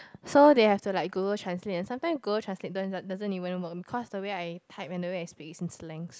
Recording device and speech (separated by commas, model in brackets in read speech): close-talking microphone, conversation in the same room